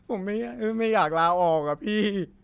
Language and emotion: Thai, sad